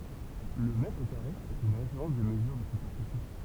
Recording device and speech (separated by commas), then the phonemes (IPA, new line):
temple vibration pickup, read sentence
lə mɛtʁ kaʁe ɛt yn ʁefeʁɑ̃s də məzyʁ də sypɛʁfisi